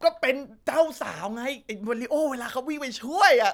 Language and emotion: Thai, happy